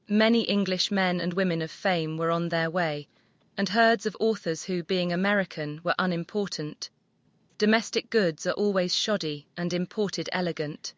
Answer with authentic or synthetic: synthetic